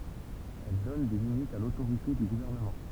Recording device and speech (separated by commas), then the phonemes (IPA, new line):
temple vibration pickup, read sentence
ɛl dɔn de limitz a lotoʁite dy ɡuvɛʁnəmɑ̃